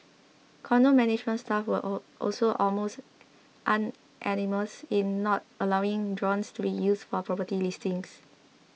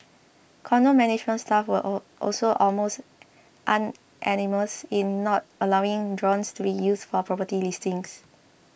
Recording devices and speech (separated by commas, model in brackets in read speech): mobile phone (iPhone 6), boundary microphone (BM630), read sentence